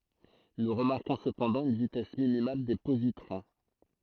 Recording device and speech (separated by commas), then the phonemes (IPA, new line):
throat microphone, read sentence
nu ʁəmaʁkɔ̃ səpɑ̃dɑ̃ yn vitɛs minimal de pozitʁɔ̃